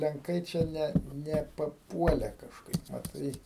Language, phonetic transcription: Lithuanian, lenˈkai čia ˈne ne paˈpuole kažˈkaip maˈtai

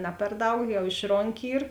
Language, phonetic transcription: Lithuanian, ˈna per ˈdaug jau ˈišronˌki ˈyr

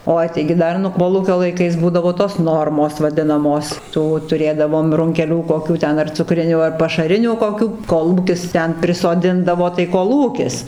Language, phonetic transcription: Lithuanian, ˈoi taigi ˈdar nu ˈkolūkio laiˈkais ˈbūdavo tos ˈnormos vaˈdinamos ˈtų tuˈrėdavom runkeˈlių koˈkių ˈten ar cuˈkrinių ar pašaˈrinių koˈkių ˈkolūkis ˈten prisoˈdindavo tai koˈlūkis

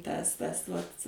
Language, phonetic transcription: Lithuanian, ˈtas ˈtas vat'

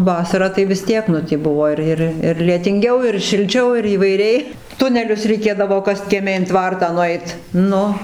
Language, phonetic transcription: Lithuanian, ˈvasarą tai vis ˈtiek nu tį ˈbuvo ir ˈir ir lietinˈgiau ir šilˈčiau įvaiˈriai ˈtunelius reiˈkėdavo ˈkast kieˈme in ˈtvartą nuˈeit ˈnu

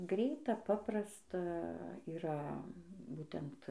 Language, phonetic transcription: Lithuanian, ˈgreita ˈpaprasta yˈra ˈbūtent

